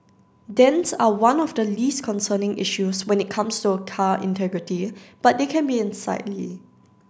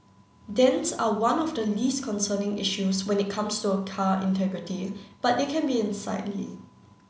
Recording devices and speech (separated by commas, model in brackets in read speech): standing microphone (AKG C214), mobile phone (Samsung C9), read sentence